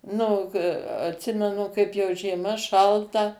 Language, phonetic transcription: Lithuanian, ˈnu o k atˈsimenu ˈkaip ˈjau žieˈma ˈšalta

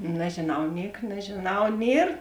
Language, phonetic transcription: Lithuanian, nežėˈnau ˈniek nežėˈnau ˈnier

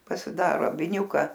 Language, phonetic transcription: Lithuanian, pasiˈdaro a viˈniūka

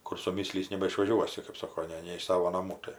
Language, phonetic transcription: Lithuanian, kur suˈmyslys nebaišvaˈžiuosi kɜp ˈsoko ˈne ne iš ˈsavo naˈmų ˈtai

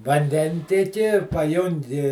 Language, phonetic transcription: Lithuanian, vanˈdentieki paˈjungi

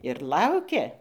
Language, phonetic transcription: Lithuanian, ir ˈlaukia

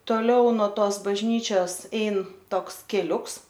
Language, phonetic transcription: Lithuanian, toˈliau no ˈtos bažˈnyčios ˈein ˈtoks keˈliuks

